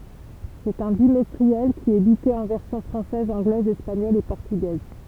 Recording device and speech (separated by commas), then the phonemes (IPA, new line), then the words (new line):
temple vibration pickup, read sentence
sɛt œ̃ bimɛstʁiɛl ki ɛt edite ɑ̃ vɛʁsjɔ̃ fʁɑ̃sɛz ɑ̃ɡlɛz ɛspaɲɔl e pɔʁtyɡɛz
C'est un bimestriel, qui est édité en versions française, anglaise, espagnole et portugaise.